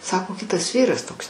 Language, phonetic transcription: Lithuanian, ˈsako ˈkitas ˈvyras ˈtoks

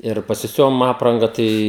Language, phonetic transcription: Lithuanian, ir pasiˈsiuvom ˈapranga ˈtai

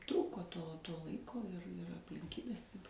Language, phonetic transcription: Lithuanian, ˈtrūko to ˈlaiko ir aplinˈkybės

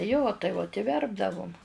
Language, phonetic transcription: Lithuanian, jo tai vot i ˈverpdavum

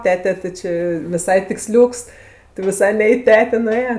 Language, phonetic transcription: Lithuanian, ˈtete ti ˈči viˈsai tikˈsliūks ti viˈsai ne i ˈtetė nuˈėjo

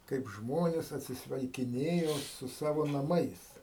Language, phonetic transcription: Lithuanian, ˈkaip ˈžmonės atsisveikiˈnėjo su ˈsavo naˈmais

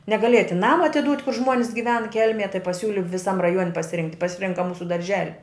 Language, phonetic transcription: Lithuanian, negaˈlėja tin ˈnama atiˈdūt' kur ˈžmon's' giˈven ˈkel'mėj tai paˈsiūli viˈsam raˈjuon' pasiˈrinkt' pasiˈrinka ˈmūsu darˈželi

